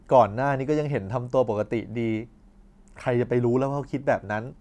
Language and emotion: Thai, frustrated